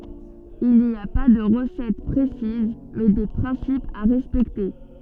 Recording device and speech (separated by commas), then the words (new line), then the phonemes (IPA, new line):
soft in-ear microphone, read sentence
Il n'y a pas de recette précise mais des principes à respecter.
il ni a pa də ʁəsɛt pʁesiz mɛ de pʁɛ̃sipz a ʁɛspɛkte